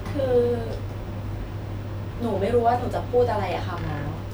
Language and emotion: Thai, neutral